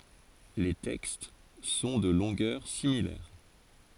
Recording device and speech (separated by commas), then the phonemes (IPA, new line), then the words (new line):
forehead accelerometer, read sentence
le tɛkst sɔ̃ də lɔ̃ɡœʁ similɛʁ
Les textes sont de longueurs similaires.